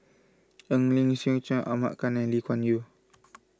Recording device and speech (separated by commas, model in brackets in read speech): close-talking microphone (WH20), read sentence